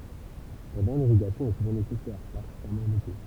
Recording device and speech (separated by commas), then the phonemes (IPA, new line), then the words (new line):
temple vibration pickup, read sentence
səpɑ̃dɑ̃ liʁiɡasjɔ̃ ɛ suvɑ̃ nesɛsɛʁ paʁtikyljɛʁmɑ̃ ɑ̃n ete
Cependant l'irrigation est souvent nécessaire, particulièrement en été.